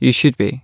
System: none